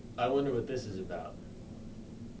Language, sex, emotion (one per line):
English
male
neutral